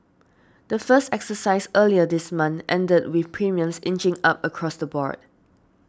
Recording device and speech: standing microphone (AKG C214), read sentence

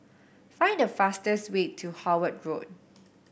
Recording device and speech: boundary microphone (BM630), read sentence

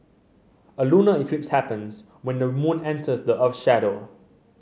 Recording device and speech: mobile phone (Samsung C7100), read sentence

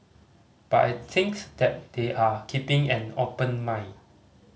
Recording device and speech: mobile phone (Samsung C5010), read sentence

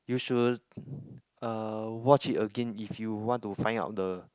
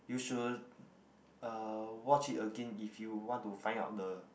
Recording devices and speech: close-talking microphone, boundary microphone, conversation in the same room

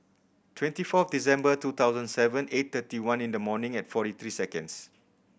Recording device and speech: boundary microphone (BM630), read sentence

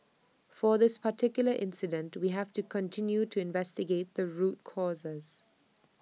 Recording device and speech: mobile phone (iPhone 6), read sentence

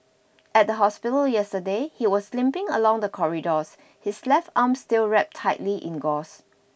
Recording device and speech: boundary microphone (BM630), read sentence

